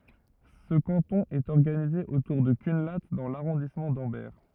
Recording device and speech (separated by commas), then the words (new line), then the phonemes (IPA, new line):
rigid in-ear microphone, read sentence
Ce canton est organisé autour de Cunlhat dans l'arrondissement d'Ambert.
sə kɑ̃tɔ̃ ɛt ɔʁɡanize otuʁ də kœ̃la dɑ̃ laʁɔ̃dismɑ̃ dɑ̃bɛʁ